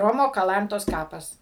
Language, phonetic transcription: Lithuanian, ˈromo kaˈlantos ˈkapas

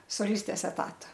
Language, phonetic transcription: Lithuanian, soˈlistės eˈtata

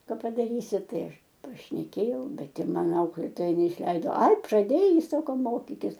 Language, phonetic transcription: Lithuanian, ˈka padaˈrysi ˈtai ˈaš pašneˈkėjau ˈbet i ˈman ˈauklėtoja neišˈleido ai praˈdėjai ˈsako ˈmokikis

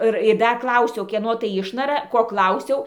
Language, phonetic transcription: Lithuanian, ˈɨr ir ˈdar ˈklausiau ˈkieno tai ˈišnara ˈko ˈklausiau

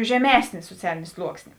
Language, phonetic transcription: Lithuanian, žeˈmesnė suoˈcialinė ˈsluoksnė

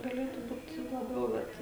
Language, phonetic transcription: Lithuanian, gaˈlėtu ˈbūt laˈbiau ˈbet

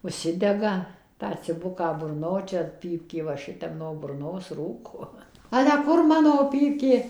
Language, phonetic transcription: Lithuanian, užˈsidega tą ciˈbuką burˈno ˈčia ˈpypkė va ˈšitep no burˈnos ˈrūko ˈale ˈkur ˈmano ˈpypkė

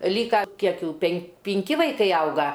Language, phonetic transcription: Lithuanian, ˈlyka ˈkiekˈ jų pen pinˈki vaiˈkai ˈauga

